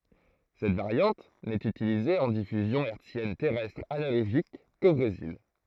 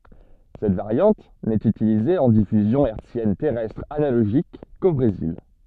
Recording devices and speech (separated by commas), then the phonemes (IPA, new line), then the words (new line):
throat microphone, soft in-ear microphone, read sentence
sɛt vaʁjɑ̃t nɛt ytilize ɑ̃ difyzjɔ̃ ɛʁtsjɛn tɛʁɛstʁ analoʒik ko bʁezil
Cette variante n’est utilisée en diffusion hertzienne terrestre analogique qu’au Brésil.